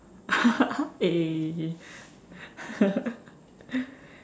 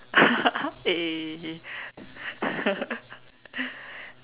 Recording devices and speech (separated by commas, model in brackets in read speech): standing microphone, telephone, conversation in separate rooms